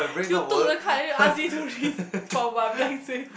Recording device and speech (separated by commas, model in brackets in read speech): boundary microphone, conversation in the same room